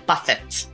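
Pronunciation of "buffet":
'Buffet' is pronounced incorrectly here, with the final t sounded instead of silent.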